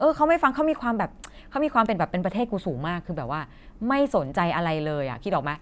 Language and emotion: Thai, happy